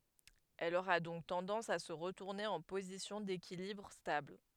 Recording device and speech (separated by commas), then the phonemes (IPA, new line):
headset microphone, read sentence
ɛl oʁa dɔ̃k tɑ̃dɑ̃s a sə ʁətuʁne ɑ̃ pozisjɔ̃ dekilibʁ stabl